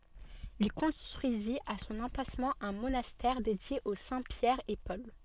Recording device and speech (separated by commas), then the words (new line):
soft in-ear microphone, read sentence
Il construisit à son emplacement un monastère dédié aux saints Pierre et Paul.